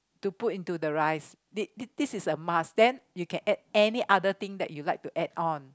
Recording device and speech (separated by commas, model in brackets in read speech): close-talking microphone, conversation in the same room